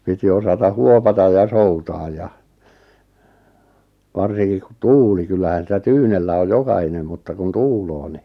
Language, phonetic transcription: Finnish, 'piti osata "huopata ja "soutaaj ja , 'varsiŋkik ku "tuuli 'kyllähän 'sitä "tyynellä oj "jokahinem mutta kun "tuuloo ni .
- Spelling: piti osata huovata ja soutaa ja varsinkin kun tuuli kyllähän sitä tyynellä on jokainen mutta kun tuulee niin

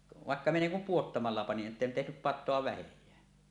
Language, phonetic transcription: Finnish, 'vàekka minä 'niiŋ kum "puottamalla panin ˀᵉtten tehnyp "pat̆toa 'vähej̀ää .
- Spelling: vaikka minä niin kuin pudottamalla panin että en tehnyt patoa vähääkään

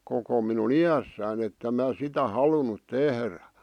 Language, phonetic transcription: Finnish, koko minu"n ‿ijässään ‿ettem mää 'sitä "halunut "tehrä .
- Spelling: koko minun iässäni että en minä sitä halunnut tehdä

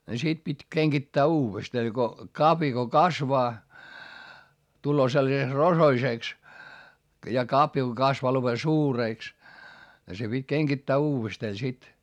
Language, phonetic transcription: Finnish, ni sit pit́ keŋGittää uuvesta ni Go , kapja ko kasvaa , tulloo sellaseks rosoisèks , ja kapja ko kasvaa lopen suurèks , se pit́ keŋkittää uuvestee sit .
- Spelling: niin sitten piti kengittää uudestaan niin kun kavio kun kasvaa tulee sellaiseksi rosoiseksi ja kavio kun kasvaa lopen suureksi se piti kengittää uudestaan sitten

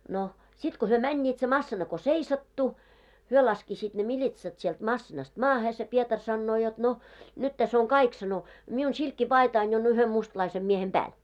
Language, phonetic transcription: Finnish, no , 'sit ko hyö "mäńńiit se 'massina ko "seisattu , 'hyö laskisiit ne 'miĺitsat sielt 'massinast 'maahe se 'Pietar sannoo jot » no , 'nyt täs oŋ "kaik « sano , » 'miun 'silkki"paitain jo on 'yhem mustlaisem miehem 'ʙääl « .
- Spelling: no sitten kun he menivät se masiina kun seisahtui he laskisivat ne militsat sieltä masiinasta maahan se Pietari sanoo jotta no nyt tässä on kaikki sanoi minun silkkipaitani jo on yhden mustalaisen miehen päällä

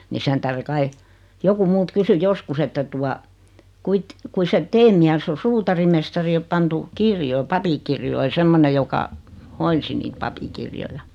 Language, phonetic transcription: Finnish, ni 'sen tähre 'kai , joku 'mult 'kysy "joskus että tua , » 'kuit , 'kui set "tee miäss ‿o 'suutarimestari o 'pantu , 'kirjoi , "papikirjoi « 'semmone joka , 'hoinsi niit 'papikirjoja .
- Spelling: niin sen tähden kai joku minulta kysyi joskus että tuota kuinka kuinka se teidän mies on suutarimestari on pantu kirjoihin papinkirjoihin semmoinen joka hoiti niitä papinkirjoja

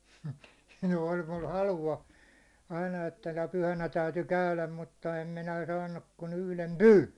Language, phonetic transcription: Finnish, no oĺ mul 'halu₍a , aina että nə pyhänä täyty 'käyläm mutta em 'minä saannuk kun yhlem "pyyn̬ .
- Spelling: no oli minulla halua aina että - pyhänä täytyi käydä mutta en minä saanut kuin yhden pyyn

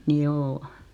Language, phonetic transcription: Finnish, 'njoo .
- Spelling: joo

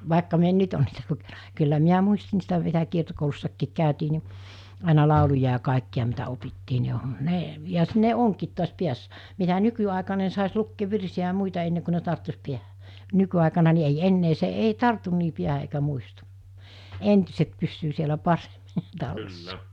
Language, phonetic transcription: Finnish, vàekka mi ‿en 'nyt on niitä lukenᴀ kyllä 'miä 'muisti niistä vielä 'kiertokoulussakkiik 'kä̀ytii ni , àena 'làuluja ja 'kàikki₍a mitä 'opittii ni 'ne , ja 'ne 'oŋkiit tu̬as 'piäs(sä) , mitä 'nyky₍àekaa ne sàes 'lukkeev 'virsi₍ä ‿a 'muita enne ku ne 'tarttus 'piähᴀ̈ , 'nyky₍àekana ni ei 'ennee se 'ei "tartun 'nii 'piähä eikä 'muistu , 'entyset pyssyy sielä 'pareᴍɪ , 'tallessᴀ .
- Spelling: vaikka minä en nyt ole niitä lukenut kyllä minä muistin niistä vielä kiertokoulussakin käytiin niin aina lauluja ja kaikkia mitä opittiin niin ne ja ne onkin tuossa päässä mitä nykyaikaan ne saisi lukea virsiä ja muita ennen kuin ne tarttuisi päähän nykyaikana niin ei enää se ei tartu niin päähän eikä muistu entiset pysyy siellä paremmin tallessa

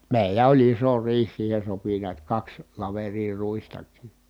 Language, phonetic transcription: Finnish, mèilä oĺ iso riih siihen̬ sopi niät kaks , laverii ruistak̀ii .
- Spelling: meillä oli iso riihi siihen sopi näet kaksi laveria ruistakin

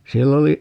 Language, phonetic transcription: Finnish, 'siell ‿oli ,.
- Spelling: siellä oli

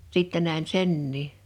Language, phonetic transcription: Finnish, 'sittä nä̀ḙn "sennii .
- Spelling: sitten näin senkin

